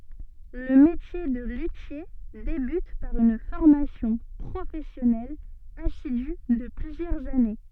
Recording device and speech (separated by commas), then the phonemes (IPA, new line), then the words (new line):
soft in-ear microphone, read sentence
lə metje də lytje debyt paʁ yn fɔʁmasjɔ̃ pʁofɛsjɔnɛl asidy də plyzjœʁz ane
Le métier de luthier débute par une formation professionnelle assidue de plusieurs années.